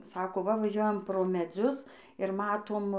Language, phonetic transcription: Lithuanian, ˈsako ˈva vaˈžiuojam pro meˈdzius ir ˈmatom

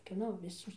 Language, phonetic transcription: Lithuanian, kieˈno viˈsos

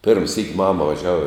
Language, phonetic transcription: Lithuanian, pirm syk' ˈmama vaˈžiava

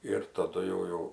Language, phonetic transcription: Lithuanian, ir taˈdu jau ˈjau

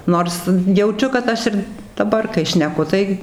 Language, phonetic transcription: Lithuanian, ˈnors jauˈčiu kad ˈaš ir daˈbar kai šneˈku tai

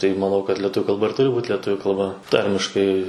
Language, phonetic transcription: Lithuanian, tai maˈnau kad letˈuviu kalˈba ˈturi būt leˈtuviu kalˈba ˈtarmiškai

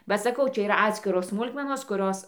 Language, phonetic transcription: Lithuanian, ba saˈkau ˈčia yˈra ˈatskiros ˈsmulkmenos kuˈrios

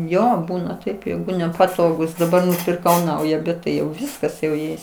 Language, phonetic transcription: Lithuanian, ˈjo ˈbūna taip ˈjeigu nepaˈtogūs daˈbar nupirˈkau ˈnauja bet ˈtai jau ˈviskas jau ˈjais

